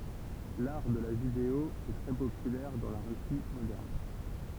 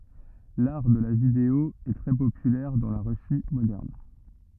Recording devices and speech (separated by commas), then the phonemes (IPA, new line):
temple vibration pickup, rigid in-ear microphone, read sentence
laʁ də la video ɛ tʁɛ popylɛʁ dɑ̃ la ʁysi modɛʁn